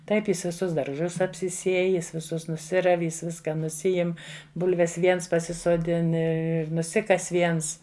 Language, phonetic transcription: Lithuanian, ˈtaip ˈjis viˈsus darˈžus apsiˈsiej ˈjis viˈsus nuˈsirav' ˈjis ˈviska nuˈsiim ˈbulves ˈviens pasisoˈdin ir ir nuˈsikas viens

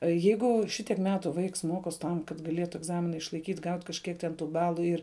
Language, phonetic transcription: Lithuanian, ˈjeigu šiˈtiek ˈmetu ˈvaiks ˈmokos' ˈtam kad gaˈlėtu egˈzamina išlaiˈkyt' ˈgaut' kažˈkiek ten ˈtų ˈbalu ˈir

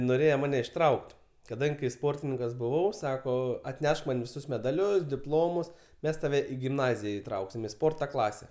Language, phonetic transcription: Lithuanian, noˈrėje ˈmane išˈtrauk't' kaˈdangi kai ˈsportininkas buˈvau ˈsako atˈnešk man viˈsus medaˈlius diˈplomus ˈmes taˈve i gimˈnazija iˈtrauksim i ˈsporta ˈklase

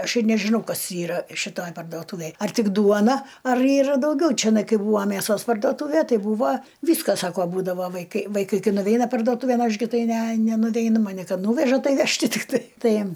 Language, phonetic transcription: Lithuanian, ˈaš ir nežiˈnau ˈkas ˈyra šiˈtoj pardoˈtūvėj ar ˈtik ˈduona ar ˈyra dauˈgiau čiˈnai ˈkai ˈbūva mæˈsos pardoˈtūve ˈtai ˈbūva ˈvyska ˈsako ˈbūdavo vaiˈkai vaiˈkai ˈkai nuˈveina pardoˈtūvėn ˈaš gi ˈtai ˈne nenuˈveinu maˈni ˈkad ˈnūveža ˈtai ˈaš tikˈtai ˈtai

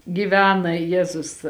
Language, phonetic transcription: Lithuanian, giˈvena ˈjezus

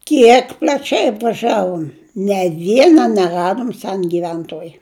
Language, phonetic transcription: Lithuanian, ˈkiek pl'aˈčiai apvaˈžiavom ne ˈviena neˈradom ˈsen giˈventoj

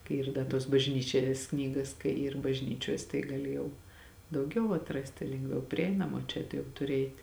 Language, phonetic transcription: Lithuanian, kai ˈyr ˈda tuos bažˈnyčias ˈknygas kai yr bažˈnyčiuos tai gaˈli jau dauˈgiau atˈrasti lengˈviau priˈeinama o ˈčia tu jau tuˈri ˈeit'

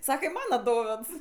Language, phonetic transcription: Lithuanian, ˈsaka i ˈmana ˈdovėds

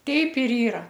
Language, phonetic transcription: Lithuanian, ˈteip ir ˈyra

